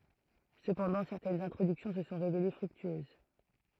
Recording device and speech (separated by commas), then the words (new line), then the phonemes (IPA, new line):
throat microphone, read sentence
Cependant, certaines introductions se sont révélées fructueuses.
səpɑ̃dɑ̃ sɛʁtɛnz ɛ̃tʁodyksjɔ̃ sə sɔ̃ ʁevele fʁyktyøz